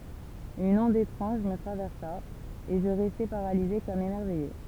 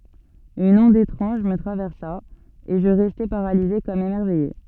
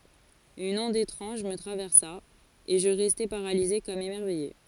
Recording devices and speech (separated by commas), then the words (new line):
temple vibration pickup, soft in-ear microphone, forehead accelerometer, read sentence
Une onde étrange me traversa, et je restais paralysé, comme émerveillé.